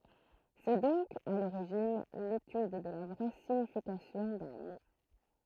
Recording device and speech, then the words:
throat microphone, read sentence
C'est donc, à l'origine, l'étude de la vraie signification d'un mot.

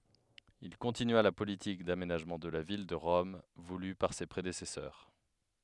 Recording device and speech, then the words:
headset microphone, read sentence
Il continua la politique d'aménagement de la ville de Rome voulue par ses prédécesseurs.

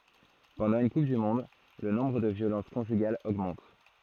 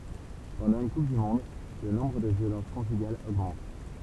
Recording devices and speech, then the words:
throat microphone, temple vibration pickup, read sentence
Pendant une Coupe du monde le nombre de violences conjugales augmentent.

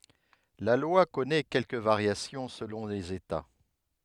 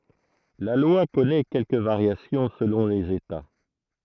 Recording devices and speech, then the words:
headset microphone, throat microphone, read sentence
La loi connaît quelques variations selon les États.

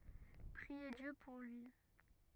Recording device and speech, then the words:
rigid in-ear microphone, read sentence
Priez Dieu pour lui.

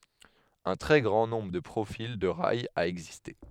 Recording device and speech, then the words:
headset microphone, read sentence
Un très grand nombre de profils de rails a existé.

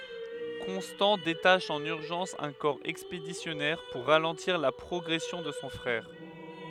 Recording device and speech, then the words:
headset microphone, read sentence
Constant détache en urgence un corps expéditionnaire pour ralentir la progression de son frère.

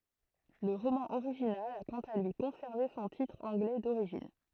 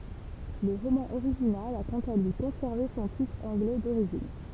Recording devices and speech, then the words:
throat microphone, temple vibration pickup, read sentence
Le roman original a quant à lui conservé son titre anglais d'origine.

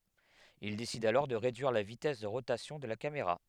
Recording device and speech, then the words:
headset microphone, read sentence
Il décide alors de réduire la vitesse de rotation de la caméra.

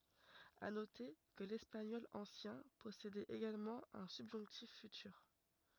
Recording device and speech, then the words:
rigid in-ear microphone, read sentence
À noter que l'espagnol ancien possédait également un subjonctif futur.

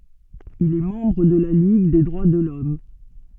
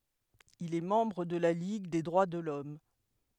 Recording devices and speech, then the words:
soft in-ear microphone, headset microphone, read sentence
Il est membre de la Ligue des droits de l'Homme.

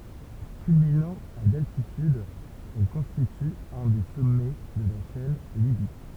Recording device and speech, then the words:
temple vibration pickup, read sentence
Culminant à d'altitude, elle constitue un des sommets de la chaîne Libyque.

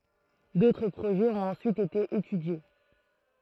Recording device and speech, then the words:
throat microphone, read sentence
D'autres projets ont ensuite été étudiés.

